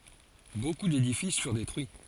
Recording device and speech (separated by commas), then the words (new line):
forehead accelerometer, read sentence
Beaucoup d'édifices furent détruits.